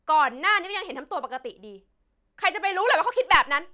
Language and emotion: Thai, angry